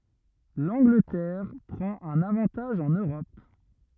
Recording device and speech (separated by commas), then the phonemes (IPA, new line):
rigid in-ear microphone, read sentence
lɑ̃ɡlətɛʁ pʁɑ̃t œ̃n avɑ̃taʒ ɑ̃n øʁɔp